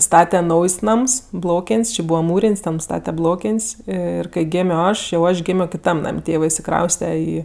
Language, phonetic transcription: Lithuanian, ˈstate ˈnaujs' ˈnams ˈblokėn's' či ˈbūva ˈmūrėn's' ten ˈstate ˈblokėn's' ˈir kai ˈgėmio ˈaš jau ˈaš gimio kiˈtam ˈnam' ˈtėvɜ išsiˈkrauste ˈį

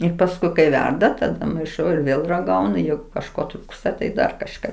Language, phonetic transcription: Lithuanian, ir pasˈkui kai ˈverda taˈda maiˈšau ir ˈvėl raˈgaunu ˈjeigu kažˈko ˈtrūksta tai ˈdar kažˈka

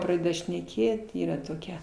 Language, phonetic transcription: Lithuanian, praˈdeda šneˈkėt ˈyra toˈkia

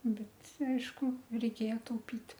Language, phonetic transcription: Lithuanian, ˈbet ˈaišku reiˈkėja tauˈpit

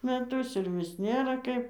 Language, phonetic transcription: Lithuanian, meˈtus ir ˈvis ˈnėra ˈkaip

